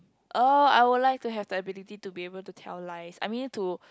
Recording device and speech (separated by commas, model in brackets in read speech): close-talking microphone, conversation in the same room